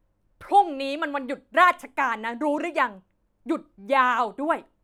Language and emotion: Thai, angry